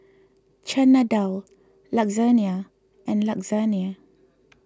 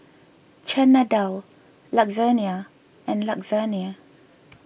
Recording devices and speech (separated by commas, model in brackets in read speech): close-talking microphone (WH20), boundary microphone (BM630), read sentence